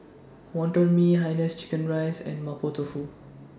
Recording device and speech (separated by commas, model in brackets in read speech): standing microphone (AKG C214), read sentence